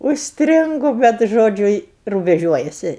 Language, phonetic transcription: Lithuanian, užsˈtringu ˈbet ˈžodžiu i rubeˈžiuojasi

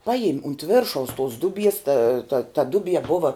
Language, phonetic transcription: Lithuanian, ˈpajim unt ˈviršaus tus ˈduˌbies ta ta ta ˈduˌbie ˈbuva

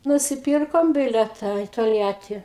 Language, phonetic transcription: Lithuanian, nusiˈpyrkom ˈbileta i tolˈjatį

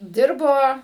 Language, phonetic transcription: Lithuanian, ˈdirbo

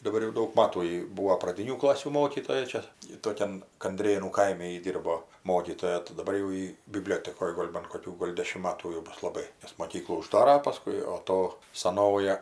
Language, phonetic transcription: Lithuanian, daˈbar jau ˈdaug ˈmatų ji ˈbūvo praˈdinių ˈklasių ˈmokytoja ˈčia ˈji toˈkian kanˈdrėnų ˈkaime ji ˈdyrbo ˈmokytoja tai daˈbar jau ˈjy biˈbliotekoj ˈgol' ban koˈkių gol' ˈdešim ˈmatų jau ˈbus laˈbai nes moˈkyklų uˈždara paˈskui o ˈto saˈnoja

